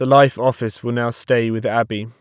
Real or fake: real